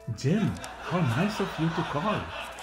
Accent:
Indian accent